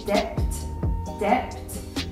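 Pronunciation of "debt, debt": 'Debt' is pronounced incorrectly here, with the b sounded.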